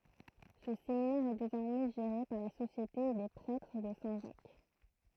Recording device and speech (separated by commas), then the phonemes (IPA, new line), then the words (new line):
throat microphone, read sentence
sə seminɛʁ ɛ dezɔʁmɛ ʒeʁe paʁ la sosjete de pʁɛtʁ də sɛ̃ ʒak
Ce séminaire est désormais géré par la Société des Prêtres de Saint-Jacques.